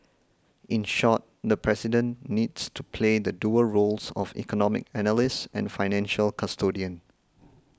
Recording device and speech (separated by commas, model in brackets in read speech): close-talking microphone (WH20), read sentence